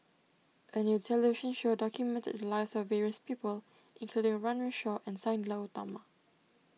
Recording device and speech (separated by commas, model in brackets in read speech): mobile phone (iPhone 6), read sentence